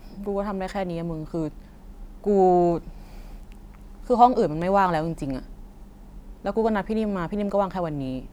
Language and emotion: Thai, frustrated